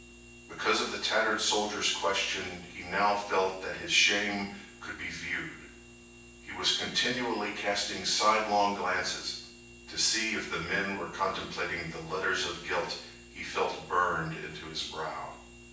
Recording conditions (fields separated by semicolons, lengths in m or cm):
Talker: one person; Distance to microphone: 9.8 m; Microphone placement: far; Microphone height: 1.8 m; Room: large; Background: none